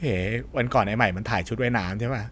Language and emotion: Thai, neutral